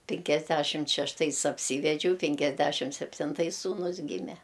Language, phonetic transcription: Lithuanian, pinkiasˈdæšimt šešˈtais apˈsyvedžiau pinkiasˈdæšim septinˈtais sūˈnus ˈgyme

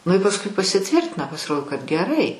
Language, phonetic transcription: Lithuanian, nu i pasˈui pasiˈtvirtina pasiˈrodo kad geˈrai

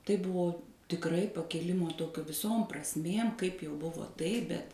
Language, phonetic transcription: Lithuanian, tai ˈbuvo tikˈrai pakiˈlimo ˈtokio viˈsom prasˈmėm kaip jau ˈbuvo ˈtaip bet

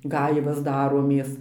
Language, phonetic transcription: Lithuanian, ˈgaivas ˈdaromės

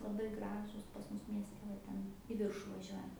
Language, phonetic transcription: Lithuanian, laˈbai ˈgražūs pas ˈmus miesˈte va ˈten į ˈviršu vaˈžiuojant

